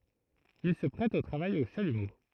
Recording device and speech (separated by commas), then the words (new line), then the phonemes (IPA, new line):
throat microphone, read sentence
Il se prête au travail au chalumeau.
il sə pʁɛt o tʁavaj o ʃalymo